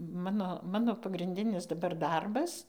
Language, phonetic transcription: Lithuanian, ˈmano ˈmano pagrinˈdinis daˈbar ˈdarbas

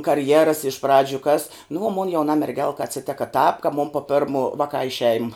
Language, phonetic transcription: Lithuanian, karˈjeras iš ˈpradžiu kas nu o mon jauˈna merˈgelka aciˈteka tāp ka mum po ˈpermo ˈvaˌkā i ˈšeim

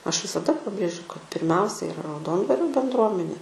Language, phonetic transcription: Lithuanian, ˈaš visaˈda paˈbrėžiu kad pirˈmiausia iˈra rauˈdondvario bendˈruomenė

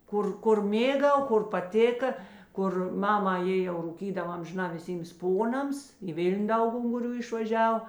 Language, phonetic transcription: Lithuanian, ˈkur ˈkur ˈmėˌgau ˈkur paˈtėka ˈkur ˈmama ˈjė jau rūˈkydav amžiˈnā viˈsyms ˈponams į ˈvil'n' ˈdaug unguˈrių išvaˈžiav

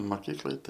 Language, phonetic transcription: Lithuanian, maˈkyklai ˈtai

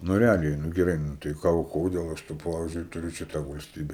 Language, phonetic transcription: Lithuanian, nu reˈaliai nu geˈrai nu ˈtai ˈką o ˈkodėl ˈaš tu ˈpavizdžiui tuˈriu ˈčia ˈtą valsˈtybe

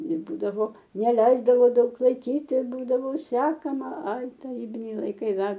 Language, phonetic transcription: Lithuanian, ir ˈbūdavo neˈleisdavo ˈdaug laiˈkyt ir ˈbūdavo ˈsekama ˈai taˈrybiniai laiˈkai ˈdar

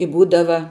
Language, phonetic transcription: Lithuanian, i ˈbūdava

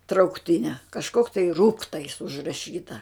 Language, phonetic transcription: Lithuanian, traukˈtine kažˈkok tai ˈrūktais užraˈšyta

